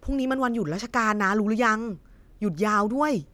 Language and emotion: Thai, happy